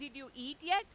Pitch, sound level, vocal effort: 285 Hz, 103 dB SPL, very loud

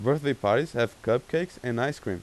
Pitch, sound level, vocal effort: 125 Hz, 89 dB SPL, normal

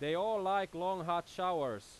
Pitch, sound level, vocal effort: 185 Hz, 96 dB SPL, very loud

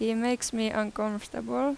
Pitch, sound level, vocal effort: 225 Hz, 86 dB SPL, normal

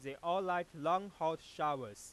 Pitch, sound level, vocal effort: 160 Hz, 100 dB SPL, loud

